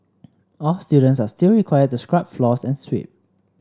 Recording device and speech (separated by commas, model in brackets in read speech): standing microphone (AKG C214), read sentence